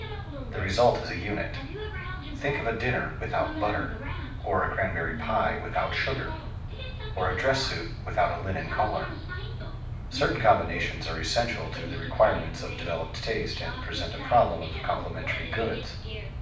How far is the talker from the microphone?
5.8 m.